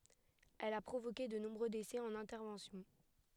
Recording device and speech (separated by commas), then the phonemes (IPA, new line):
headset microphone, read sentence
ɛl a pʁovoke də nɔ̃bʁø desɛ ɑ̃n ɛ̃tɛʁvɑ̃sjɔ̃